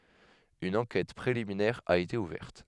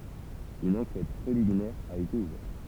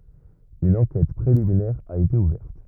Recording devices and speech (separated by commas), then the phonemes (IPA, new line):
headset microphone, temple vibration pickup, rigid in-ear microphone, read sentence
yn ɑ̃kɛt pʁeliminɛʁ a ete uvɛʁt